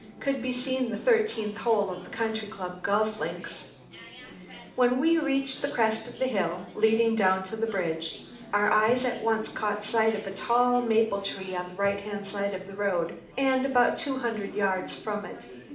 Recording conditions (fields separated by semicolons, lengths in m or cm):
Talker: one person; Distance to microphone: 2.0 m; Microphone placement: close; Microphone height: 99 cm; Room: medium-sized (5.7 m by 4.0 m); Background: babble